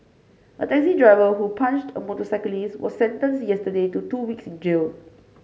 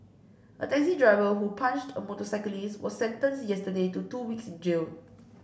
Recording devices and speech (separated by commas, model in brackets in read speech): mobile phone (Samsung C5), boundary microphone (BM630), read sentence